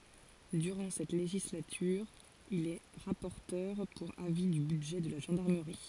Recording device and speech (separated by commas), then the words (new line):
forehead accelerometer, read sentence
Durant cette législature, il est rapporteur pour avis du budget de la gendarmerie.